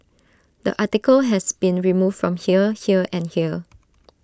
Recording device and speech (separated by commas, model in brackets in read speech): standing microphone (AKG C214), read sentence